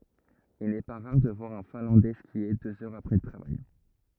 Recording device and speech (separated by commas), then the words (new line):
rigid in-ear microphone, read sentence
Il n'est pas rare de voir un Finlandais skier deux heures après le travail.